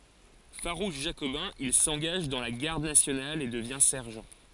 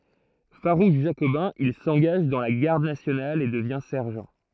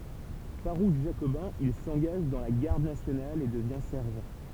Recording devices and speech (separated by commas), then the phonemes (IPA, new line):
forehead accelerometer, throat microphone, temple vibration pickup, read sentence
faʁuʃ ʒakobɛ̃ il sɑ̃ɡaʒ dɑ̃ la ɡaʁd nasjonal e dəvjɛ̃ sɛʁʒɑ̃